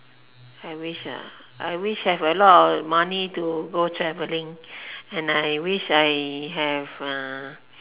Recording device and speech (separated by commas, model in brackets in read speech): telephone, conversation in separate rooms